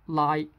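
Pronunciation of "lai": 'Like' is said as 'lai', with the final k sound deleted.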